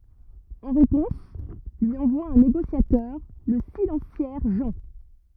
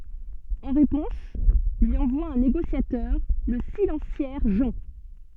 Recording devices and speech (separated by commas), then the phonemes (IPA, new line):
rigid in-ear microphone, soft in-ear microphone, read sentence
ɑ̃ ʁepɔ̃s lyi ɑ̃vwa œ̃ neɡosjatœʁ lə silɑ̃sjɛʁ ʒɑ̃